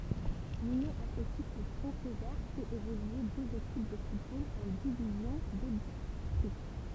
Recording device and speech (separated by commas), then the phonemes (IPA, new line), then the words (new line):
temple vibration pickup, read sentence
lynjɔ̃ atletik də sɛ̃ səve fɛt evolye døz ekip də futbol ɑ̃ divizjɔ̃ də distʁikt
L'Union athlétique de Saint-Sever fait évoluer deux équipes de football en divisions de district.